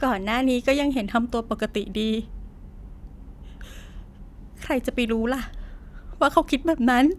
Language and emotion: Thai, sad